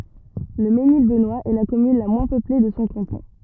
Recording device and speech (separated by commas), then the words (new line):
rigid in-ear microphone, read sentence
Le Mesnil-Benoist est la commune la moins peuplée de son canton.